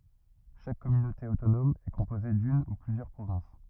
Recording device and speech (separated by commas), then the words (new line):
rigid in-ear microphone, read sentence
Chaque communauté autonome est composée d'une ou plusieurs provinces.